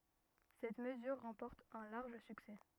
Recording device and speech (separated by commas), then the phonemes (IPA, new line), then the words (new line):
rigid in-ear microphone, read sentence
sɛt məzyʁ ʁɑ̃pɔʁt œ̃ laʁʒ syksɛ
Cette mesure remporte un large succès.